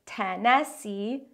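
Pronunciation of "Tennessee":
'Tennessee' is pronounced incorrectly here.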